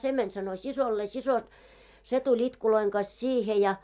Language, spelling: Finnish, se meni sanoi siskolleen sisko se tuli itkujen kanssa siihen ja
- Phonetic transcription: 'se mäń sano 'sisollee , siso , 'se tu'ĺ ‿itkuloiŋ ɢas "siihe ja .

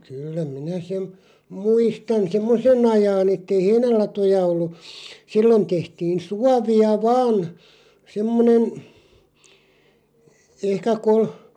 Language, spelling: Finnish, kyllä minä sen muistan semmoisen ajan että ei heinälatoja ollut silloin tehtiin suovia vain semmoinen ehkä -
- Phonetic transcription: 'kyllä 'minä sem , 'muistan "semmose'n ‿ajaa'n ‿ettei "heinälatoja ollu , 'sillon 'tehtiin̬ "suavi₍a "vaan , 'semmonen , 'ehkä kol- ,.

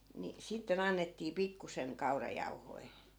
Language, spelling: Finnish, niin sitten annettiin pikkuisen kaurajauhoja
- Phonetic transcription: ni , 'sitte'n ‿annettii 'pikkuseŋ 'kaurajau̬hoi̮ .

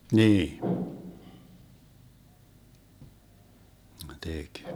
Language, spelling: Finnish, niin ne teki
- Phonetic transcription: 'niin , ne 'tek .

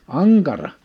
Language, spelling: Finnish, ankara
- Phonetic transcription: aŋkara !

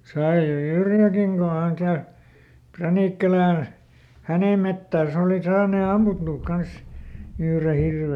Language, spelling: Finnish, sai se Yrjäläkin kun hän käy Pränikkälän hänen metsässä oli saanut ammuttua kanssa yhden hirven
- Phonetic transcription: ˈsai se "Yrjäläkiŋ ko häŋ ˈkäy , ˈPränìkkälän , "hänè ˈmettääs ‿òli ˈsaanè ˈammuttuuk ˈkans , ˈyhre ˈhirve .

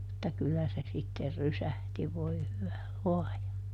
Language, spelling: Finnish, mutta kyllä se sitten rysähti voi hyvä luoja
- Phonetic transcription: mutta ˈkyllä se sitter "rysähti voi ˈhyvä "luɔja !

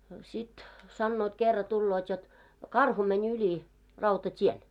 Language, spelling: Finnish, no sitten sanovat kerran tulevat jotta karhu meni yli rautatien
- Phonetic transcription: no 'sit , 'sannoot kerra tulloot jot , "karhu mɛń 'yĺi , 'rauta't́ien .

